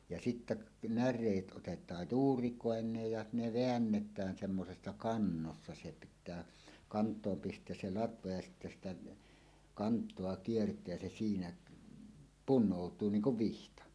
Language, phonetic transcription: Finnish, ja 'sittä , "när̀eet ˀotet̀aaj "juurikòeǹeej ja 'ne "veännet̀ään semmosessa 'kannossa se pit̆tää , 'kant̀oom pist̀eäs se "latva ja sittä sitä , "kant̀oa 'kiert̀eä̳ se siinä , "pun̆nòut̀uu 'niiŋ 'kuv "vihta .
- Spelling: ja sitten näreet otetaan juurikoineen ja ne väännetään semmoisessa kannossa se pitää kantoon pistää se latva ja sitten sitä kantoa kiertää se siinä punoutuu niin kuin vihta

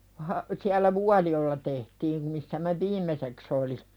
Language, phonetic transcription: Finnish, ha- , siäl̆lä "Vualijo₍ᵉla 'tehtiim missä mä "viimeseks ‿oli .
- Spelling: - siellä Vuolijoella tehtiin missä minä viimeiseksi olin

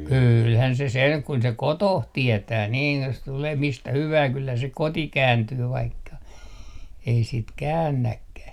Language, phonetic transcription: Finnish, 'kyylhän se seŋ kun se "kotoh 'tietää 'niin jos tulee 'mistä 'hyvää kyllä se 'koti 'kääntyy vaikka , ei sit "käännäkkäh .
- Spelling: kyllähän se sen kun se kotonsa tietää niin jos tulee mistä hyvänsä kyllä se kotiin kääntyy vaikka ei sitten käännäkään

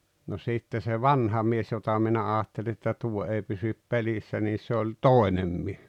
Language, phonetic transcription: Finnish, no sìtte se "vanha 'mies jota 'minä 'aatteli että 'tuo ei pysyp 'pelissä niis se oĺ "tòenem mie[s] .
- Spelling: no sitten se vanha mies jota minä ajattelin että tuo ei pysy pelissä niin se oli toinen mies

